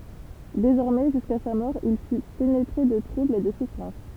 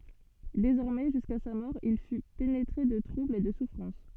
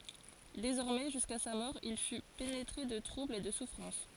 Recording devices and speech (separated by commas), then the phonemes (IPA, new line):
temple vibration pickup, soft in-ear microphone, forehead accelerometer, read sentence
dezɔʁmɛ ʒyska sa mɔʁ il fy penetʁe də tʁubl e də sufʁɑ̃s